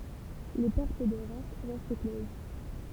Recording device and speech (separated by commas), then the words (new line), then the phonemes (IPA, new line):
temple vibration pickup, read sentence
Les portes de Reims restent closes.
le pɔʁt də ʁɛm ʁɛst kloz